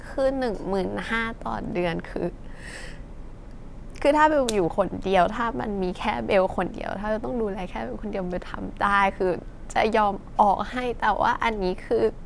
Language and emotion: Thai, sad